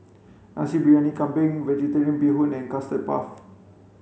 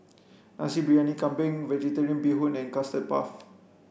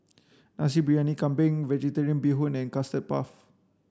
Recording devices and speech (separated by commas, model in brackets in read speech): mobile phone (Samsung C5), boundary microphone (BM630), standing microphone (AKG C214), read sentence